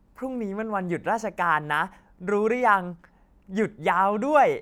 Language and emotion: Thai, happy